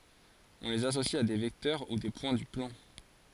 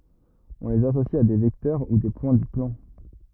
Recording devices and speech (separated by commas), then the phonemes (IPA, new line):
forehead accelerometer, rigid in-ear microphone, read sentence
ɔ̃ lez asosi a de vɛktœʁ u de pwɛ̃ dy plɑ̃